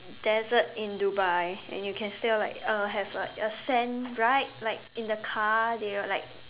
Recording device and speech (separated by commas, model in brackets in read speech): telephone, conversation in separate rooms